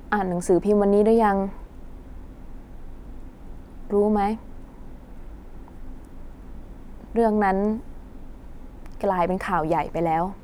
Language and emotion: Thai, sad